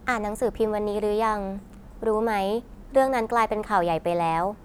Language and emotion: Thai, neutral